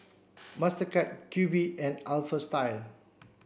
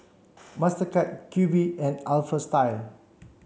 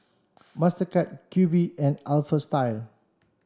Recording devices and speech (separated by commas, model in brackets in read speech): boundary microphone (BM630), mobile phone (Samsung C7), standing microphone (AKG C214), read sentence